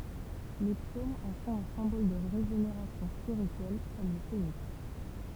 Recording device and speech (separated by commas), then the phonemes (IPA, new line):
temple vibration pickup, read sentence
le psomz ɑ̃ fɔ̃t œ̃ sɛ̃bɔl də ʁeʒeneʁasjɔ̃ spiʁityɛl kɔm lə feniks